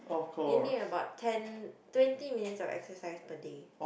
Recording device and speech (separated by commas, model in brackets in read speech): boundary microphone, conversation in the same room